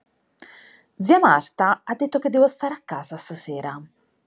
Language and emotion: Italian, angry